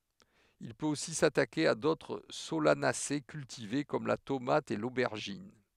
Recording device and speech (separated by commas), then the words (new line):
headset microphone, read sentence
Il peut aussi s'attaquer à d'autres Solanacées cultivées comme la tomate et l'aubergine.